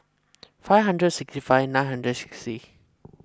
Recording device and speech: close-talking microphone (WH20), read sentence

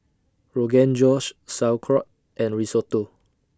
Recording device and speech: standing microphone (AKG C214), read sentence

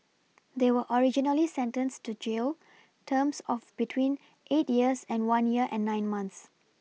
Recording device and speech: mobile phone (iPhone 6), read sentence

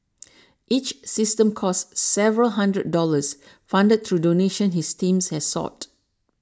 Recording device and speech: standing microphone (AKG C214), read sentence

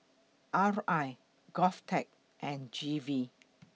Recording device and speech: mobile phone (iPhone 6), read sentence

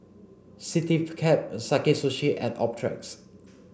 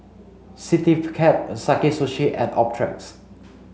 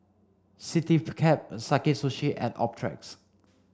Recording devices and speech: boundary microphone (BM630), mobile phone (Samsung C5), standing microphone (AKG C214), read sentence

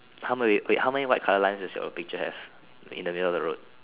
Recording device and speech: telephone, conversation in separate rooms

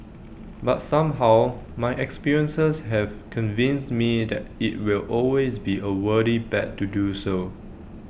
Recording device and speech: boundary microphone (BM630), read sentence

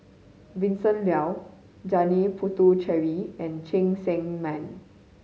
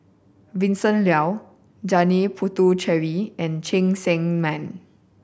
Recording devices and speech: mobile phone (Samsung C5010), boundary microphone (BM630), read sentence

